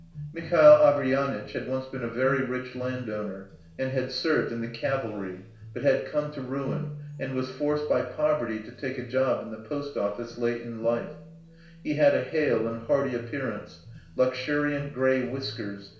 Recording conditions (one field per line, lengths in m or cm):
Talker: one person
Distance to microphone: 1.0 m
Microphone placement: close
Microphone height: 1.1 m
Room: small (3.7 m by 2.7 m)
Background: music